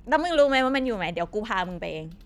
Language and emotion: Thai, angry